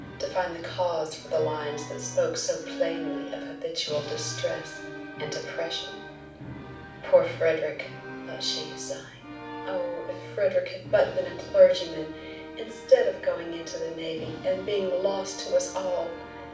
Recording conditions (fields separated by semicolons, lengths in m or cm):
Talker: one person; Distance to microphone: 5.8 m; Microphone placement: far; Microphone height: 1.8 m; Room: medium-sized (5.7 m by 4.0 m); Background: music